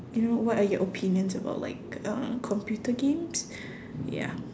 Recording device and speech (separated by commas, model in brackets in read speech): standing microphone, conversation in separate rooms